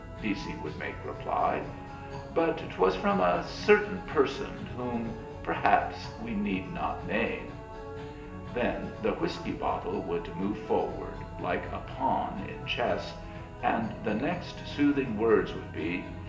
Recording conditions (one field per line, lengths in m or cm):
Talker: one person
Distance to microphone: 1.8 m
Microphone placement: close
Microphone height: 1.0 m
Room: large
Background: music